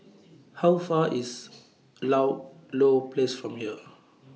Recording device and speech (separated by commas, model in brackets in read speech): mobile phone (iPhone 6), read sentence